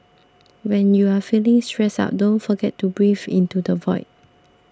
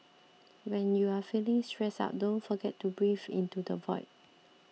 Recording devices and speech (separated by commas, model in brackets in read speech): standing microphone (AKG C214), mobile phone (iPhone 6), read sentence